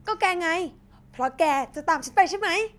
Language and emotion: Thai, happy